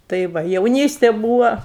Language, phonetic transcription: Lithuanian, tai ˈva jauˈnystė ˈbūva

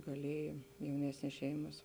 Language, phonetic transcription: Lithuanian, gaˈlieja jauˈnesnės ˈšeimas

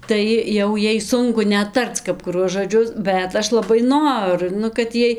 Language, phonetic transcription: Lithuanian, ˈtai jau ˈjai ˈsunku ˈnet ˈtarc kap kuˈruos žoˈdžius ˈbet ˈaš laˈbai ˈnoru ˈnu kad ˈjiej

